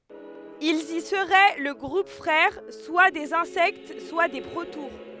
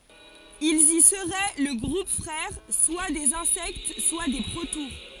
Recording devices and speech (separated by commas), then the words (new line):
headset microphone, forehead accelerometer, read sentence
Ils y seraient le groupe frère soit des Insectes, soit des protoures.